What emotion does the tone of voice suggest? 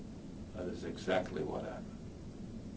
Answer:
neutral